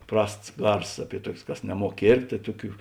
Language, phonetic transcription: Lithuanian, ˈprasts ˈgarsos ˈaˌpie ˈtuokės ˈkas neˈmuok ˈkėrptė tai ˈtuˌkių

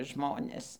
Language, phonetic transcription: Lithuanian, ˈžmonės

